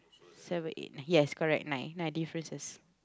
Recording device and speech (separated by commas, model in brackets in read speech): close-talking microphone, conversation in the same room